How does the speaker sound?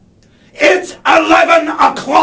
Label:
angry